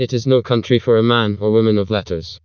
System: TTS, vocoder